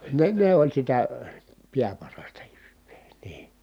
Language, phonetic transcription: Finnish, ne ne oĺ sitä , piäparasta jyVVEE NII .
- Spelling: ne ne oli sitä pääparasta jyvää niin

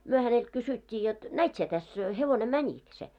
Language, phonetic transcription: Finnish, 'myö hänelt 'kysyt́t́ii jot , » "näit sie täs , 'hevone "mäńik se ? «
- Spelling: me häneltä kysyttiin jotta näit sinä tässä hevonen menikö se

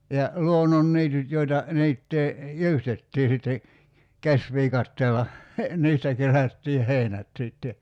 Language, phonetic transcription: Finnish, 'ja , 'luonnonniityt 'joita , 'niittee , "jyystettii sitte , 'käsviikatteella , 'niistä kerättiih̆ "hèinät sìtte .
- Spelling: ja luonnonniityt joita niittää jyystettiin sitten käsiviikatteella niistä kerättiin heinät sitten

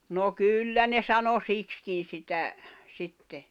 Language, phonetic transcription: Finnish, no "kyllä ne sano "sikskin̬ sitä , 'sitte .
- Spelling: no kyllä ne sanoi siksikin sitä sitten

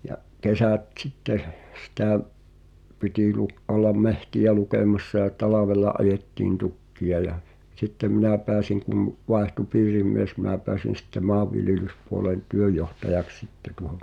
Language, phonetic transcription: Finnish, ja’ , 'kesä̀t t̳sitteh , sⁱtä̀’ , pitì lu’- , ’ollam "mehti₍ä 'lukem(a)ssa ʲa "talavela '’ajettiin 'tukki₍a ja , 'sittem "minä̀ 'peäsiŋ kum , 'vaehtu "piirim̆mies mi̬ⁿä pɛäsin̬ sⁱtte 'ma̳a̳vviljelyspuolen , "työjjohtajaks "sitte tuᵒho .
- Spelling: ja kesät sitten sitä piti - olla metsiä lukemassa ja talvella ajettiin tukkeja ja sitten minä pääsin kun vaihtui piirimies minä pääsin sitten maanviljelyspuolen työnjohtajaksi sitten tuohon

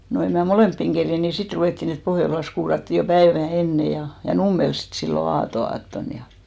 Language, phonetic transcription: Finnish, no 'em mä "molèmppiŋ 'kerjen ni 'sit 'ruvèttìn ‿et 'Pohjolas kuuratti jo "päevä̀ 'enne ja , ja "Nummels 'sit sillo "aato₍'aatton ja .
- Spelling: no en minä molempiin kerinnyt niin sitten ruvettiin että Pohjolassa kuurattiin jo päivää ennen ja ja Nummella sitten silloin aatonaattona ja

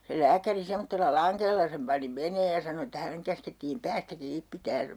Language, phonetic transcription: Finnish, se 'lääkäri 'semmottella "laŋkella sem pani 'meneej ja sano että 'häneŋ käskettiim "päästä 'kiip pitään ,.
- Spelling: se lääkäri semmoisella langella sen pani menemään ja sanoi että hänen käskettiin päästä kiinni pitämään

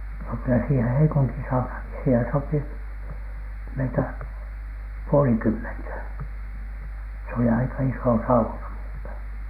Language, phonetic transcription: Finnish, no kylä siihe 'Heikuntin 'saunhàŋki siihen sopi , meitä , "puolikymmentä , s ‿oli aika "isò 'sauna MUUtEN .
- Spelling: no kyllä siihen Heikuntin saunaankin siihen sopi meitä puolenkymmentä se oli aika iso sauna muuten

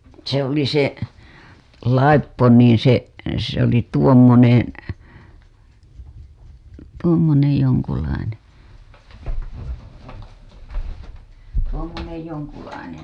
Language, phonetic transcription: Finnish, se ‿oli 'se , "laippo niiḭ se , se ‿oli tuommonen̬ , tuommonej 'joŋkulaine , 'tuommonej 'joŋkulainen̬ .
- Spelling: se oli se laippo niin se se oli tuommoinen tuommoinen jonkunlainen tuommoinen jonkunlainen

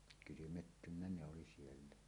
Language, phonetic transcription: Finnish, kylymettynnä ne oli 'siellä .
- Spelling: kylmettynyt ne oli siellä

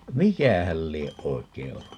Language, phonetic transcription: Finnish, "mikähäl 'lieʼ "ʼoikei 'ollu ?
- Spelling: mikähän lie oikein ollut

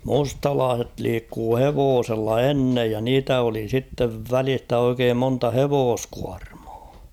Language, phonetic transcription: Finnish, mustalaaset 'liikkuu "hevoosella "ennej ja 'niitä oli sittev "välistä oikeem 'monta "hevooskuarMᴀᴀ .
- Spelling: mustalaiset liikkui hevosella ennen ja niitä oli sitten välistä oikein monta hevoskuormaa

